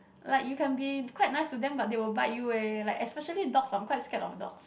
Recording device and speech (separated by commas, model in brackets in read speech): boundary microphone, conversation in the same room